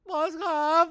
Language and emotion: Thai, sad